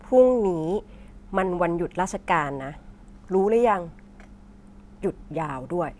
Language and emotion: Thai, frustrated